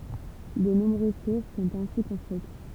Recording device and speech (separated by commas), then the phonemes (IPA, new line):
temple vibration pickup, read sentence
də nɔ̃bʁøz tuʁ sɔ̃t ɛ̃si kɔ̃stʁyit